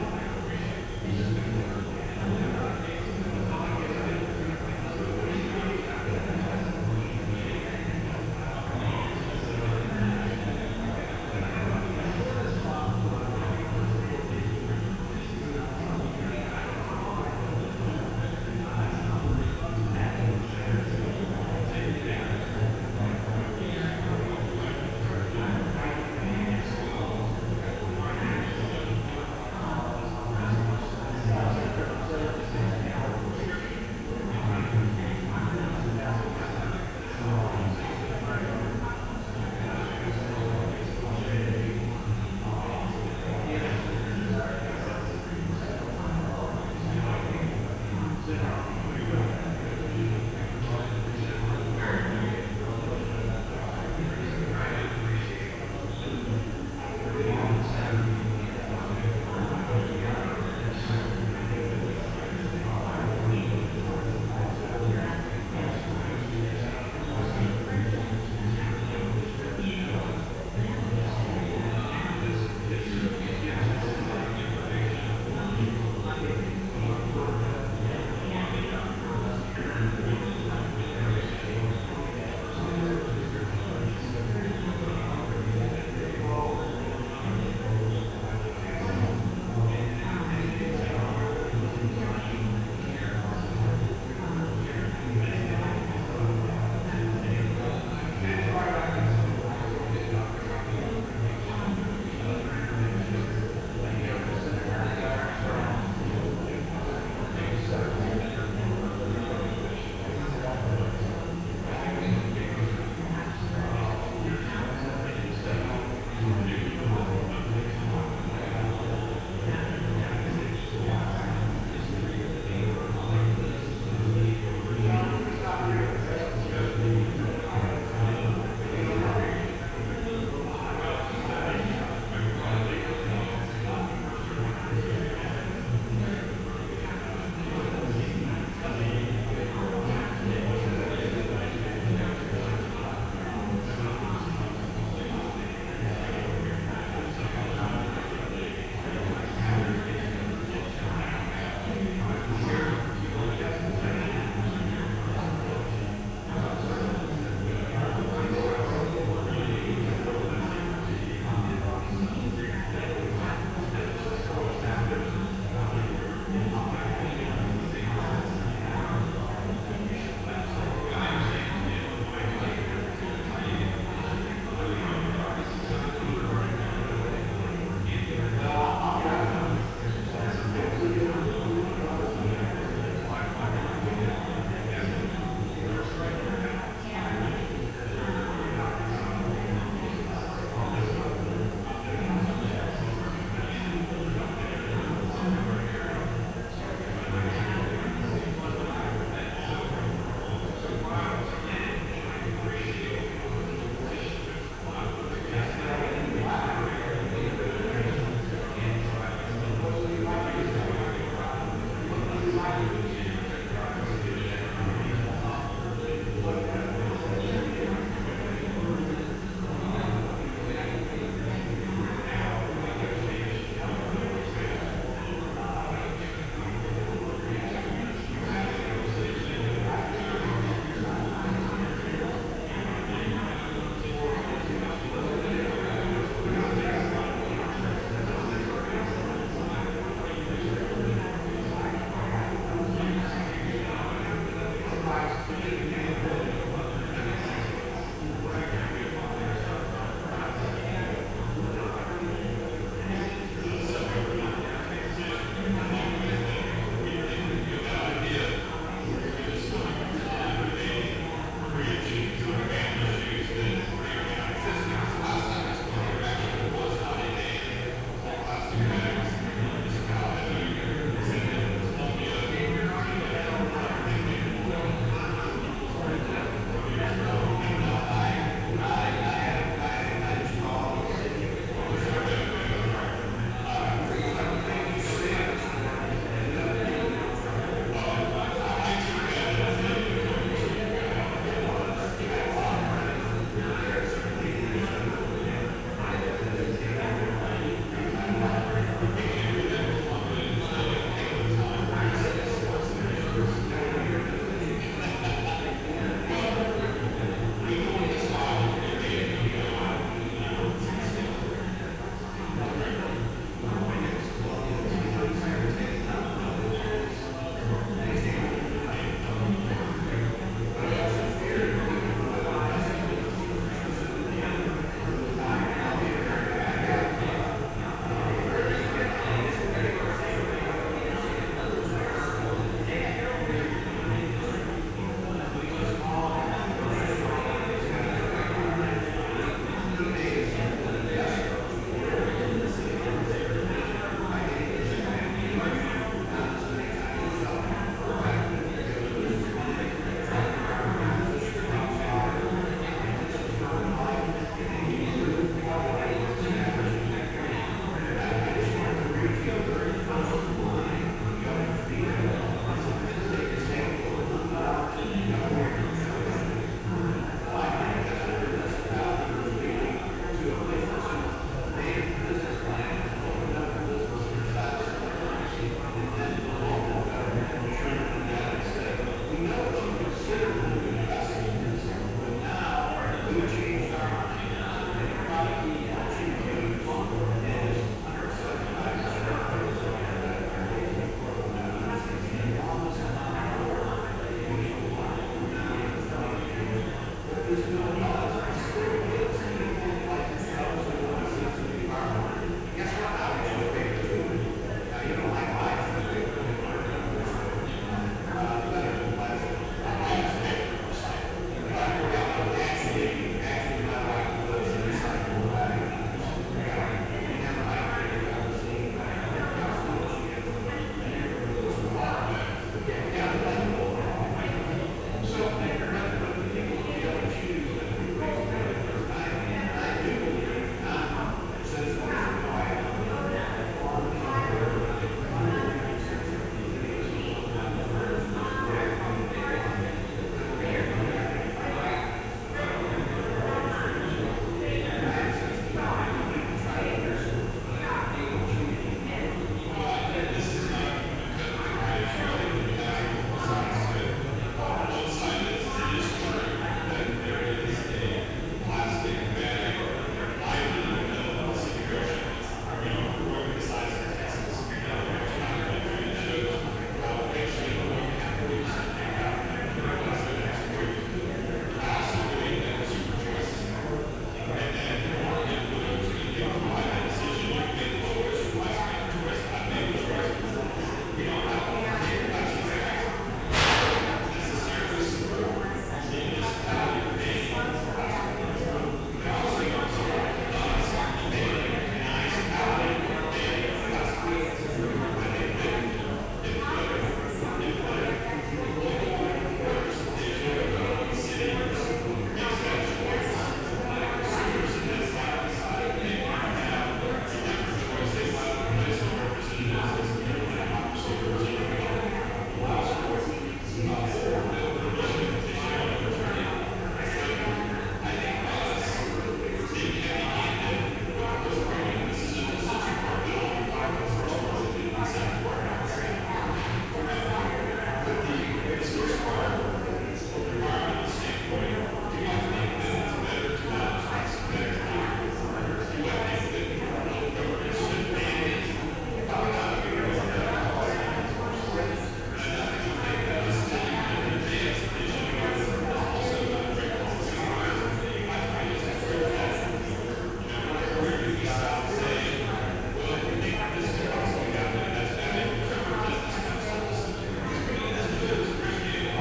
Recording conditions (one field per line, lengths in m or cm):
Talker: no one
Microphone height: 1.7 m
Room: very reverberant, large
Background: babble